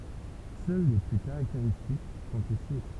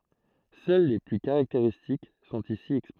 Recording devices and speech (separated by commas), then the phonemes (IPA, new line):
temple vibration pickup, throat microphone, read sentence
sœl le ply kaʁakteʁistik sɔ̃t isi ɛkspoze